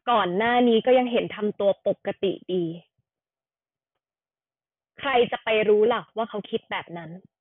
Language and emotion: Thai, frustrated